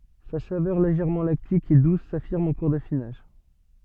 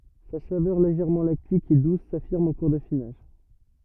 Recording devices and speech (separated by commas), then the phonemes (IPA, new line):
soft in-ear microphone, rigid in-ear microphone, read sentence
sa savœʁ leʒɛʁmɑ̃ laktik e dus safiʁm ɑ̃ kuʁ dafinaʒ